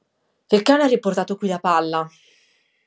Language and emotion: Italian, angry